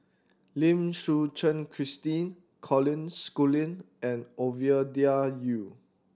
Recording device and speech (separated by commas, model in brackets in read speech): standing microphone (AKG C214), read sentence